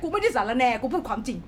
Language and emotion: Thai, angry